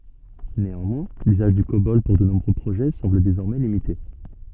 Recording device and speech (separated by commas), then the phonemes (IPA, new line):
soft in-ear microphone, read sentence
neɑ̃mwɛ̃ lyzaʒ dy kobɔl puʁ də nuvo pʁoʒɛ sɑ̃bl dezɔʁmɛ limite